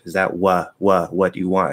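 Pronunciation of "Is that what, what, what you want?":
'Is that what you want' is said slowly and more clearly, with 'what' repeated, and the vowel in 'what' moves toward the upside-down V IPA symbol.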